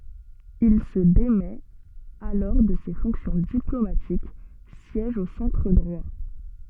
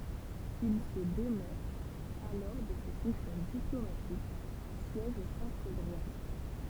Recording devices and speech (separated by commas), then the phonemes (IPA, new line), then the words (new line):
soft in-ear microphone, temple vibration pickup, read sentence
il sə demɛt alɔʁ də se fɔ̃ksjɔ̃ diplomatik sjɛʒ o sɑ̃tʁ dʁwa
Il se démet alors de ses fonctions diplomatiques, siège au centre droit.